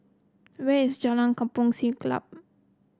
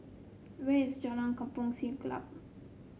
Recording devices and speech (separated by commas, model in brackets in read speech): close-talking microphone (WH30), mobile phone (Samsung C7), read sentence